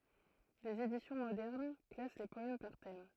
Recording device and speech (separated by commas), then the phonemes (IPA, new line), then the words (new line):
throat microphone, read sentence
dez edisjɔ̃ modɛʁn klas le pɔɛm paʁ tɛm
Des éditions modernes classent les poèmes par thèmes.